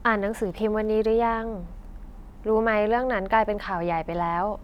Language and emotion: Thai, neutral